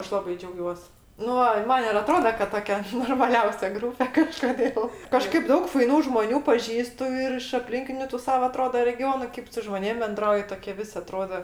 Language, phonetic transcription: Lithuanian, ˈaš laˈbai džiauˈgiuos ˈnu ai ˈman ir aˈtroda kad ˈtokia normaˈliausia ˈgrūpe kažkoˈdėl ˈkažkaip ˈdaug faiˈnų žmoˈnių paˈžįstu ir iš apˈlinkiniu tu ˈsava aˈtroda reˈgionu ˈkėp su žmoˈnėm benˈdrauji ˈtoie ˈvis' aˈtrodo

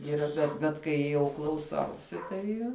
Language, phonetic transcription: Lithuanian, yˈra bet bet ˈkai jau klauˈsausi ˈtai

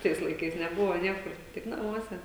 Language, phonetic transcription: Lithuanian, ˈtais laiˈkais neˈbuvo ˈniekur ˈtik naˈmuose

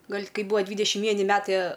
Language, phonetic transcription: Lithuanian, ˈgal' ˈkai ˈbūva ˈdvydešim ˈvieni ˈmetai

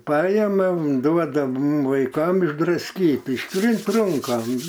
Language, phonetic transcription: Lithuanian, ˈpaema ˈduoda ˈmum vaiˈkam išdrasˈkyt išˈtrynt ˈrunkam

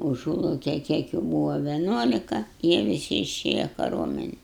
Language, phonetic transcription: Lithuanian, uˈžūlaukej ˈkiek jų ˈbūva veˈnuolika ˈjie viˈsi iˈšėja kaˈruomenen

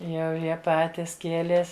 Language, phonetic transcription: Lithuanian, ˈjau ˈjie ˈpatis ˈkielės

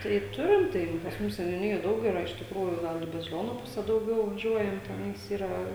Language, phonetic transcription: Lithuanian, tai ˈturim ˈtai pas ˈmus seniuˈnijoj ˈdaug yˈra iš tikˈrųjų ˈgal i baziˈlionu ˈpuse dauˈgiau vaˈžiuojam teˈnais ˈyra

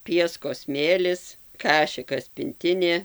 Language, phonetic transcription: Lithuanian, ˈpieskos ˈsmėlis ˈkašikas pinˈtinė

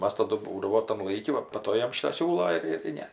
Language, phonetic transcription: Lithuanian, ˈmas ˈtadu ˈbūdavo tam ˈlaiki ˈva pa ˈto ˈjam ˈšito ˈsiūlo ir tai ˈne

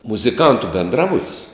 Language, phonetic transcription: Lithuanian, muziˈkantu benˈdrabut's'

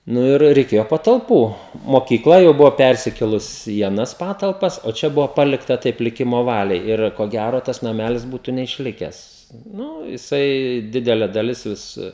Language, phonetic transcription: Lithuanian, ˈnu ir reiˈkėjo patalˈpų mokyˈkla jau ˈbuvo ˈpersikėlus į aˈnas patalˈpas o ˈčia ˈbuvo ˈpalikta taip liˈkimo ˈvaliai ˈir ko ˈgæro tas naˈmelis ˈbūtu neišˈlikes ˈnū jiˈsai ˈdidele daˈlis ˈvis

